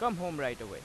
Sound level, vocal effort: 92 dB SPL, loud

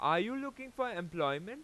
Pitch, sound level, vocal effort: 250 Hz, 97 dB SPL, very loud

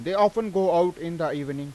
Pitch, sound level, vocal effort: 170 Hz, 95 dB SPL, loud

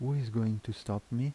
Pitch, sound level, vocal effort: 115 Hz, 78 dB SPL, soft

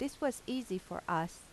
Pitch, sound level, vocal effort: 255 Hz, 85 dB SPL, normal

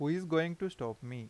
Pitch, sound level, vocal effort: 155 Hz, 87 dB SPL, normal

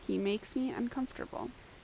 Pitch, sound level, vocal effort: 255 Hz, 77 dB SPL, normal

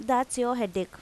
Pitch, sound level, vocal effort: 245 Hz, 86 dB SPL, normal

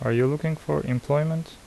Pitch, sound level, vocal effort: 145 Hz, 76 dB SPL, soft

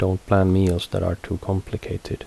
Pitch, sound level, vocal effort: 95 Hz, 74 dB SPL, soft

